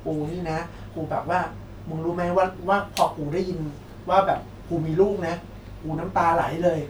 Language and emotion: Thai, neutral